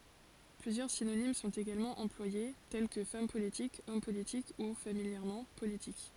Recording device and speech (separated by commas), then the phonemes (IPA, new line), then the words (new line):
forehead accelerometer, read sentence
plyzjœʁ sinonim sɔ̃t eɡalmɑ̃ ɑ̃plwaje tɛl kə fam politik ɔm politik u familjɛʁmɑ̃ politik
Plusieurs synonymes sont également employés, tels que femme politique, homme politique ou, familièrement, politique.